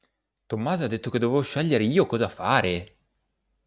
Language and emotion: Italian, surprised